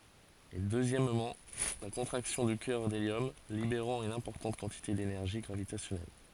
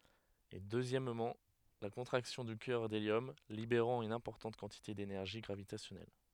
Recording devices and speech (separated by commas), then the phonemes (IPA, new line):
forehead accelerometer, headset microphone, read sentence
e døzjɛmmɑ̃ la kɔ̃tʁaksjɔ̃ dy kœʁ deljɔm libeʁɑ̃ yn ɛ̃pɔʁtɑ̃t kɑ̃tite denɛʁʒi ɡʁavitasjɔnɛl